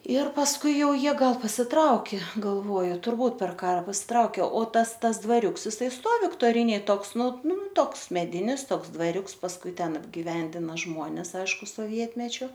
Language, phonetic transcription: Lithuanian, ir pasˈkui ˈjau ˈjie ˈgal pasiˈtraukė galˈvoju turˈbūt per ˈkara pasiˈtraukė o ˈtas ˈtas dvaˈriuks iˈsai ˈstov viktoˈrinėj ˈtoks ˈnu ˈnu ˈtoks meˈdinis ˈtoks dvaˈriuks pasˈkui ˈten apgiˈvendina ˈžmones ˈaišku soˈvietmečiu

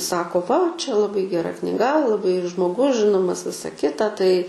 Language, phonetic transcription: Lithuanian, ˈsako ˈva ˈčia laˈbai geˈra kniˈga laˈbai žmoˈgus ˈžinomas ˈvisa ˈkita ˈtai

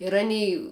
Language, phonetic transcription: Lithuanian, ir aˈny

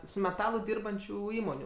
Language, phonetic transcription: Lithuanian, su meˈtalu ˈdyrbančių ˈįmonių

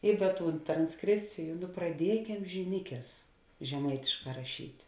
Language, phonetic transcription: Lithuanian, i ˈda ˈtūn transˈkrėpciju nu praˈdiekem žiˈnikes žeˈmaitišˌkā raˈšyt'

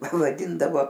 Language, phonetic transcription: Lithuanian, vaˈdindavo

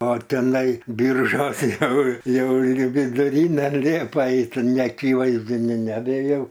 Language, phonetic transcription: Lithuanian, o teˈnai ˈbyržos ˈjau ˈjau i viduˈryne ˈliepa ˈait neaˈkyvaizdiniu nebeˈjau

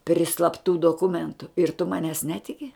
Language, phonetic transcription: Lithuanian, pri slapˈtų doˈkumentu ir tu ˈmanes ˈnetiki

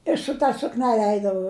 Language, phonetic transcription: Lithuanian, i su ta sukˈnele ˈeidavau

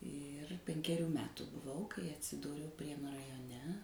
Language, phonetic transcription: Lithuanian, ir penkeˈrių ˈmetu buˈvau kai atsiˈdūriau ˈprienu rajoˈne

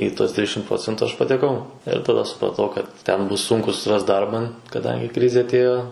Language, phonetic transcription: Lithuanian, į tuos ˈtrišim ˈprocentu aš pateˈkau ir taˈda supraˈtau kad ˈten ˈbus ˈsunku susiˈrast ˈdarba kaˈdangi ˈkrizė aˈtėjo

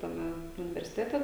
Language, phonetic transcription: Lithuanian, taˈme universiˈtete

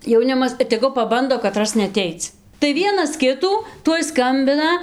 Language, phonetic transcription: Lithuanian, jauˈnimas ir teˈgu paˈbando kaˈtras neaˈteic tai ˈvienas ˈkitų ˈtuoj ˈskambina

